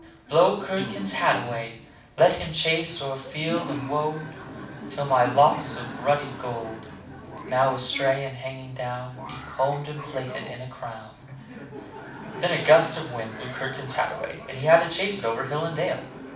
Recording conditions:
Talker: one person; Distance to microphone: 5.8 m; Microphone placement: far; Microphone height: 1.8 m; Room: medium-sized (5.7 m by 4.0 m); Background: television

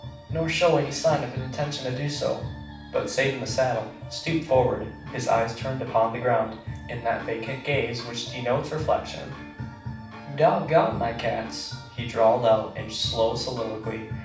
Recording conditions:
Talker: one person; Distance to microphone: 5.8 m; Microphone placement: far; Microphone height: 1.8 m; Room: medium-sized (5.7 m by 4.0 m); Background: music

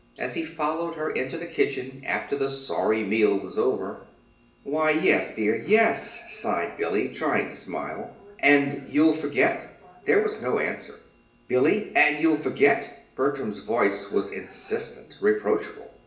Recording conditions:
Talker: one person; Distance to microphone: 1.8 m; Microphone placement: close; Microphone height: 1.0 m; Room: large; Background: television

